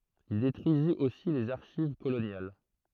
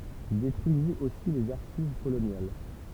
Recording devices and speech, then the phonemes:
throat microphone, temple vibration pickup, read sentence
il detʁyizit osi lez aʁʃiv kolonjal

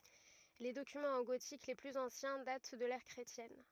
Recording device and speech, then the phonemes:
rigid in-ear microphone, read sentence
le dokymɑ̃z ɑ̃ ɡotik le plyz ɑ̃sjɛ̃ dat dy də lɛʁ kʁetjɛn

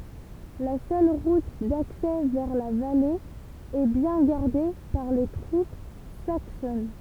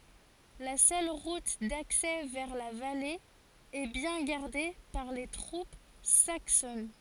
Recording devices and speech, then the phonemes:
temple vibration pickup, forehead accelerometer, read sentence
la sœl ʁut daksɛ vɛʁ la vale ɛ bjɛ̃ ɡaʁde paʁ le tʁup saksɔn

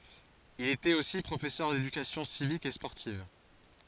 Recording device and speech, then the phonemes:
forehead accelerometer, read sentence
il etɛt osi pʁofɛsœʁ dedykasjɔ̃ sivik e spɔʁtiv

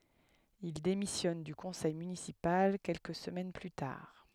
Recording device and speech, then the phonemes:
headset microphone, read sentence
il demisjɔn dy kɔ̃sɛj mynisipal kɛlkə səmɛn ply taʁ

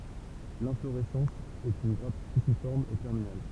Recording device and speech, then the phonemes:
temple vibration pickup, read sentence
lɛ̃floʁɛsɑ̃s ɛt yn ɡʁap spisifɔʁm e tɛʁminal

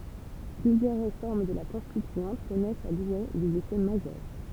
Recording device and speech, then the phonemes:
temple vibration pickup, read sentence
plyzjœʁ ʁefɔʁm də la kɔ̃stityɑ̃t kɔnɛst a dwe dez efɛ maʒœʁ

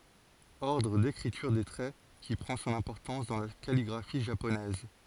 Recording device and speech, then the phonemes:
forehead accelerometer, read sentence
ɔʁdʁ dekʁityʁ de tʁɛ ki pʁɑ̃ sɔ̃n ɛ̃pɔʁtɑ̃s dɑ̃ la kaliɡʁafi ʒaponɛz

